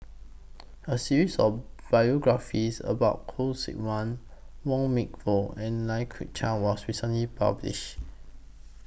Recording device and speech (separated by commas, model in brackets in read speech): boundary microphone (BM630), read sentence